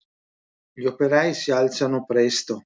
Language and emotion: Italian, neutral